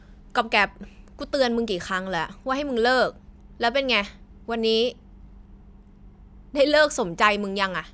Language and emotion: Thai, angry